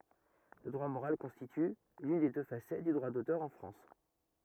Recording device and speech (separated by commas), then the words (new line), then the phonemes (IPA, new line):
rigid in-ear microphone, read sentence
Le droit moral constitue l'une des deux facettes du droit d'auteur en France.
lə dʁwa moʁal kɔ̃stity lyn de dø fasɛt dy dʁwa dotœʁ ɑ̃ fʁɑ̃s